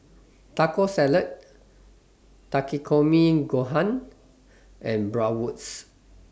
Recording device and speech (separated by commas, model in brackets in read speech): standing microphone (AKG C214), read sentence